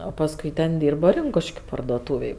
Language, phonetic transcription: Lithuanian, o pasˈkui ten ˈdyrba ˈrinkuškiu pardoˈtūvėj

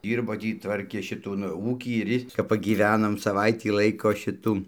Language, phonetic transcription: Lithuanian, ˈdyrbo ˈtį ˈtvarkė šiˈtų nu ˈūkį ir ˈjis kap pagyˈvenom saˈvaitį ˈlaiko ˈšitų

